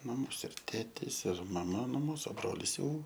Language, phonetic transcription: Lithuanian, maˈmos ir ˈtėtės ir maˈma nu ˈmūsu ˈbrolis jau

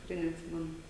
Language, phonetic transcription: Lithuanian, tikˈrai netˈsimenu

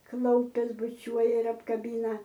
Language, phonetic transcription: Lithuanian, ˈklaupias buˈčiuoja ir apkaˈbina

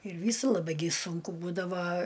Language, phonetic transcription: Lithuanian, ir ˈvysu laˈbai gi ˈsunku ˈbūdava

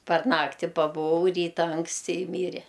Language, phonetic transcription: Lithuanian, par ˈnakti pabuˈvau ˈryta anksˈti i ˈmyre

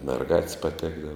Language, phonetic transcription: Lithuanian, merˈgat's' paˈtekdava

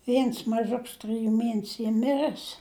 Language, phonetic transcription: Lithuanian, ˈviens maˈžuks trɨˈjų ˈmienesiu ˈy ˈmirɜs

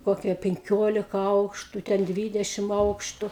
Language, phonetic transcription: Lithuanian, ˈkokie penˈkiolika ˈaukštu ˈten ˈdvydešim ˈaukštu

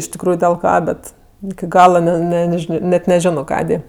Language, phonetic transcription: Lithuanian, iš tikˈrųju dil ˈką ˈbet iki ˈgala ˈne ˈne neˈžino net neˈžino ˈkadė

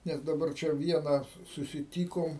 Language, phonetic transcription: Lithuanian, ˈnes daˈbar ˈčia ˈviena su susiˈtykom

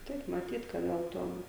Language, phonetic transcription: Lithuanian, ˈtaip maˈtyt ka ˈgal ˈtuom

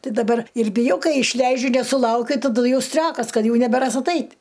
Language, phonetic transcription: Lithuanian, ˈti daˈbar ir biˈjau ˈkai išˈleidžiu nesuˈlaukiu taˈdu ˈjau ˈstriokas ˈkad ˈjau nebeˈras aˈtait'

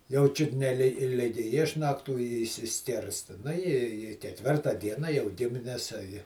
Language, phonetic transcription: Lithuanian, jau ˈčiut ne li ˈligi ˈišnaktų i išsiˈskirsta ˈnu i į keˈtvirta ˈdiena jau ˈgimines a ji

